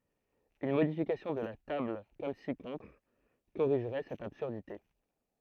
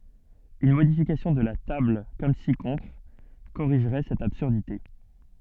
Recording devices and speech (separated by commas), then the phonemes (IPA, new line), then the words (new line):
throat microphone, soft in-ear microphone, read sentence
yn modifikasjɔ̃ də la tabl kɔm si kɔ̃tʁ koʁiʒʁɛ sɛt absyʁdite
Une modification de la table comme ci-contre corrigerait cette absurdité.